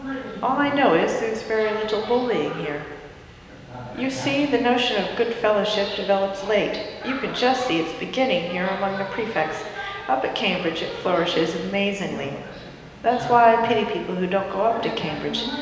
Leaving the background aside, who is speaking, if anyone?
One person.